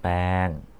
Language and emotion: Thai, neutral